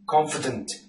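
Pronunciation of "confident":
In 'confident', the e is omitted, so it is almost silent.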